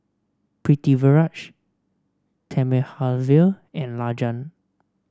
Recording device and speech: standing microphone (AKG C214), read sentence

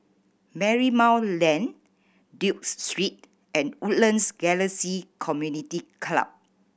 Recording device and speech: boundary microphone (BM630), read sentence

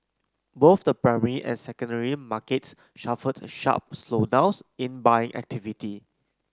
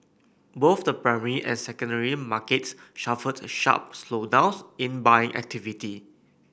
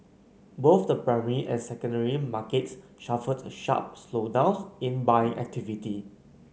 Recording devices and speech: close-talking microphone (WH30), boundary microphone (BM630), mobile phone (Samsung C9), read sentence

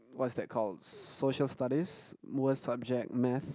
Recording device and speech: close-talking microphone, conversation in the same room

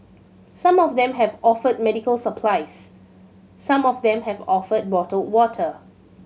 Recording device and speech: mobile phone (Samsung C7100), read sentence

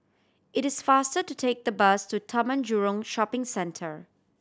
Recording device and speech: standing microphone (AKG C214), read sentence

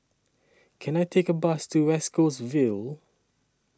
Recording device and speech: standing microphone (AKG C214), read sentence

